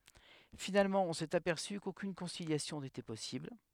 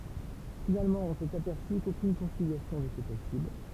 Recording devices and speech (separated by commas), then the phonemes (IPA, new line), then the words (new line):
headset microphone, temple vibration pickup, read sentence
finalmɑ̃ ɔ̃ sɛt apɛʁsy kokyn kɔ̃siljasjɔ̃ netɛ pɔsibl
Finalement, on s'est aperçu qu'aucune conciliation n'était possible.